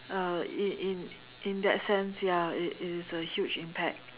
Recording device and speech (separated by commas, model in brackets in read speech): telephone, conversation in separate rooms